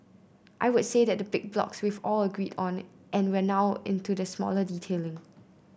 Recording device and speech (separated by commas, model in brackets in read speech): boundary microphone (BM630), read sentence